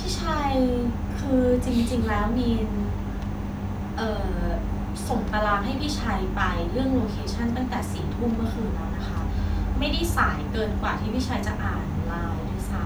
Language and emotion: Thai, frustrated